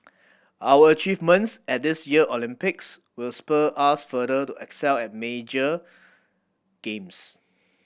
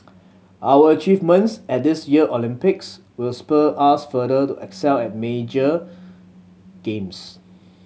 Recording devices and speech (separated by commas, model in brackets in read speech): boundary microphone (BM630), mobile phone (Samsung C7100), read sentence